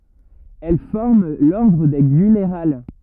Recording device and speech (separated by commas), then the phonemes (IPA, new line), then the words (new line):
rigid in-ear microphone, read sentence
ɛl fɔʁm lɔʁdʁ de ɡynʁal
Elles forment l'ordre des Gunnerales.